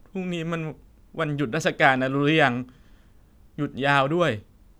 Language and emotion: Thai, sad